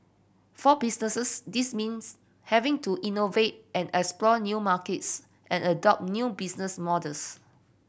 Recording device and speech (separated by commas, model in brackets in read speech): boundary microphone (BM630), read sentence